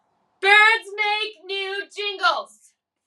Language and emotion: English, sad